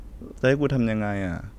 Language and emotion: Thai, frustrated